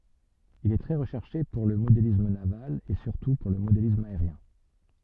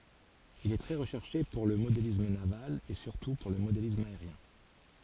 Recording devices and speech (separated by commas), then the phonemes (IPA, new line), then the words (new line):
soft in-ear microphone, forehead accelerometer, read sentence
il ɛ tʁɛ ʁəʃɛʁʃe puʁ lə modelism naval e syʁtu puʁ lə modelism aeʁjɛ̃
Il est très recherché pour le modélisme naval et surtout pour le modélisme aérien.